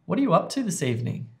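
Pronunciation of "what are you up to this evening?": In 'what are you up to this evening', the words are said in connected speech and are really connected up.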